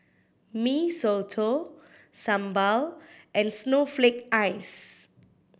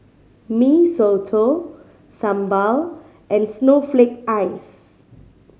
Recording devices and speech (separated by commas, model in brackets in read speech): boundary microphone (BM630), mobile phone (Samsung C5010), read sentence